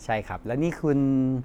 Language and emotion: Thai, neutral